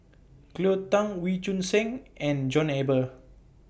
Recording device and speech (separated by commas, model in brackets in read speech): boundary microphone (BM630), read sentence